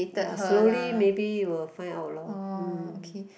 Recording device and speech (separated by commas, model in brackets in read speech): boundary microphone, conversation in the same room